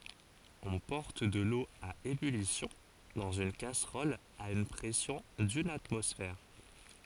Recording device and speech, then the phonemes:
forehead accelerometer, read sentence
ɔ̃ pɔʁt də lo a ebylisjɔ̃ dɑ̃z yn kasʁɔl a yn pʁɛsjɔ̃ dyn atmɔsfɛʁ

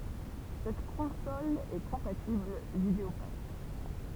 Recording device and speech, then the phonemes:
temple vibration pickup, read sentence
sɛt kɔ̃sɔl ɛ kɔ̃patibl vidəopak

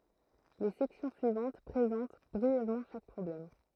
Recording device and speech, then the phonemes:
throat microphone, read sentence
le sɛksjɔ̃ syivɑ̃t pʁezɑ̃t bʁiɛvmɑ̃ ʃak pʁɔblɛm

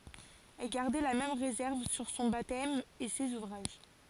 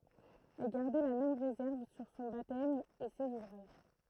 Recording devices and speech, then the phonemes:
forehead accelerometer, throat microphone, read sentence
ɛl ɡaʁdɛ la mɛm ʁezɛʁv syʁ sɔ̃ batɛm e sez uvʁaʒ

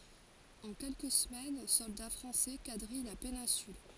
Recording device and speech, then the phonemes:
forehead accelerometer, read sentence
ɑ̃ kɛlkə səmɛn sɔlda fʁɑ̃sɛ kadʁij la penɛ̃syl

